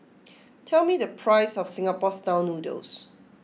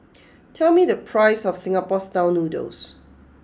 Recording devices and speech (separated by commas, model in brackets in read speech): mobile phone (iPhone 6), close-talking microphone (WH20), read sentence